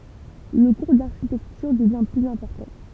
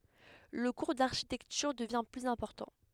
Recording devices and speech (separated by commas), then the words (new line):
temple vibration pickup, headset microphone, read sentence
Le cours d'architecture devient plus important.